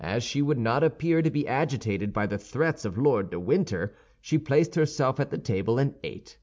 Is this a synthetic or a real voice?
real